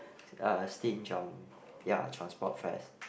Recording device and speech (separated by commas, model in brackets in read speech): boundary microphone, conversation in the same room